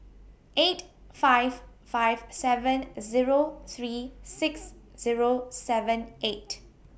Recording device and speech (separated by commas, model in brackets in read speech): boundary microphone (BM630), read sentence